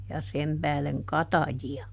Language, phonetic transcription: Finnish, ja ˈsem pääleŋ "kataji₍a .
- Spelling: ja sen päälle katajia

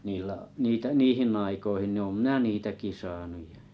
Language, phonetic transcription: Finnish, niillä’ , 'niitᵃ̈ ’ "niihinⁿ ‿aikoihin ni̬ om "m̥nä 'niitäki 'saanuᴊ ᴊᴀ .
- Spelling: niillä niitä - niihin aikoihin niin olen minä niitäkin saanut ja

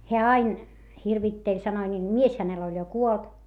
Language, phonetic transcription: Finnish, heä ain , hirvitteĺ sanoi ńiil - mies hänel oĺ jo kuolt .
- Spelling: hän aina hirvitteli sanoi niille mies hänellä oli jo kuollut

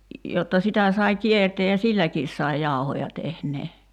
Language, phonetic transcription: Finnish, jotta 'sitä sai "kiertee ja "silläkiis sai 'jàu̬hoja 'tehnee .
- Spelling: jotta sitä sai kiertää ja silläkin sai jauhoja tehdä

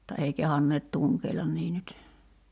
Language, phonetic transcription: Finnish, [mut]ta ei 'kehanneet "tuŋkeilan nii nyt .
- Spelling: mutta ei kehdanneet tunkeilla niin nyt

